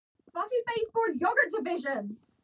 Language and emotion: English, disgusted